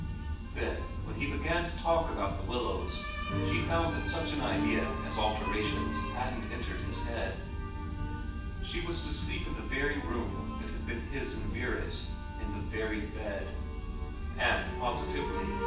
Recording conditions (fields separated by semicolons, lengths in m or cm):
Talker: one person; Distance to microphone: 9.8 m; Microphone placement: far; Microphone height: 1.8 m; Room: large; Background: music